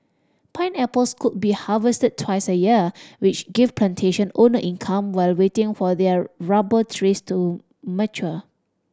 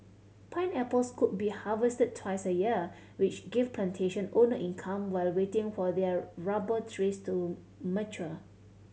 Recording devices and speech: standing microphone (AKG C214), mobile phone (Samsung C7100), read sentence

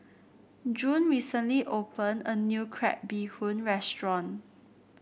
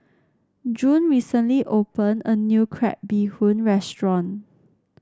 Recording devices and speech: boundary microphone (BM630), standing microphone (AKG C214), read sentence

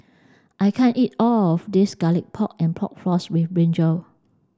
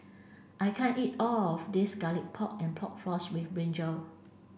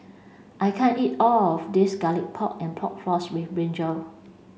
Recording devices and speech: standing microphone (AKG C214), boundary microphone (BM630), mobile phone (Samsung C5), read sentence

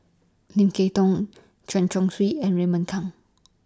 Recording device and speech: standing microphone (AKG C214), read sentence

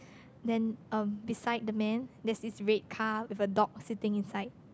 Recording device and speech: close-talking microphone, conversation in the same room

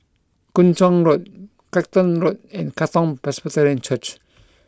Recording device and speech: close-talking microphone (WH20), read sentence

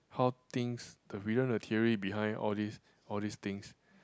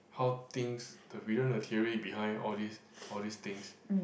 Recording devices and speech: close-talking microphone, boundary microphone, conversation in the same room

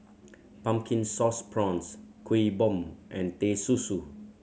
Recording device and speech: mobile phone (Samsung C7100), read sentence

